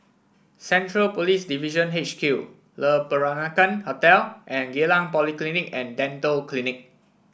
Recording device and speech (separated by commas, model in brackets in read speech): boundary microphone (BM630), read sentence